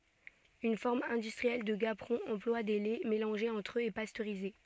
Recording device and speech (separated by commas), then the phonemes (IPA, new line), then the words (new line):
soft in-ear microphone, read sentence
yn fɔʁm ɛ̃dystʁiɛl də ɡapʁɔ̃ ɑ̃plwa de lɛ melɑ̃ʒez ɑ̃tʁ øz e pastøʁize
Une forme industrielle de gaperon emploie des laits mélangés entre eux et pasteurisés.